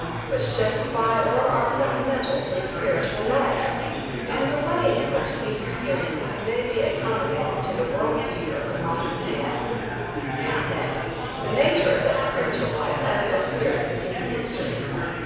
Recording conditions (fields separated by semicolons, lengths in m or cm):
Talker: one person; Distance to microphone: 7.1 m; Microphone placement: far; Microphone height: 1.7 m; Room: very reverberant, large; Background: babble